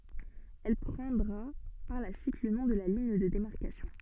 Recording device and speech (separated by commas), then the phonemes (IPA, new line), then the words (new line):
soft in-ear microphone, read sentence
ɛl pʁɑ̃dʁa paʁ la syit lə nɔ̃ də liɲ də demaʁkasjɔ̃
Elle prendra par la suite le nom de ligne de démarcation.